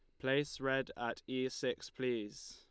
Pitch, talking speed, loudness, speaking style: 130 Hz, 155 wpm, -38 LUFS, Lombard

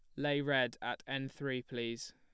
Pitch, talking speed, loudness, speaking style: 135 Hz, 185 wpm, -37 LUFS, plain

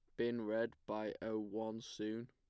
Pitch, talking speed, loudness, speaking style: 110 Hz, 170 wpm, -42 LUFS, plain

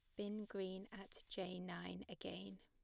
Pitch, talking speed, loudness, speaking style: 190 Hz, 150 wpm, -50 LUFS, plain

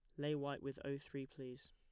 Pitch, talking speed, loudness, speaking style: 140 Hz, 235 wpm, -46 LUFS, plain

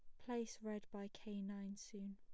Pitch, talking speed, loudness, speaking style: 205 Hz, 185 wpm, -49 LUFS, plain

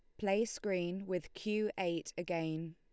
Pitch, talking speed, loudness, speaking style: 180 Hz, 140 wpm, -37 LUFS, Lombard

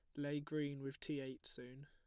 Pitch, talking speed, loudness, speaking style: 140 Hz, 215 wpm, -46 LUFS, plain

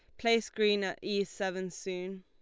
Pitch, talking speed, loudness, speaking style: 195 Hz, 180 wpm, -32 LUFS, Lombard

